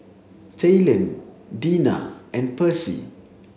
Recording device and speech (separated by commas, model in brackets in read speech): mobile phone (Samsung C7), read sentence